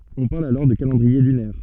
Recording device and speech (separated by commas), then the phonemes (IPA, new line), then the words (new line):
soft in-ear microphone, read sentence
ɔ̃ paʁl alɔʁ də kalɑ̃dʁie lynɛʁ
On parle alors de calendrier lunaire.